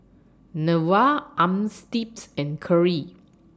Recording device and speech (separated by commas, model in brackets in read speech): standing microphone (AKG C214), read sentence